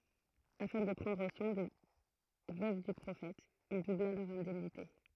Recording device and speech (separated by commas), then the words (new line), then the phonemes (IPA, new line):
throat microphone, read sentence
Afin de prendre soin des veuves du prophète, il doubla leurs indemnités.
afɛ̃ də pʁɑ̃dʁ swɛ̃ de vøv dy pʁofɛt il dubla lœʁz ɛ̃dɛmnite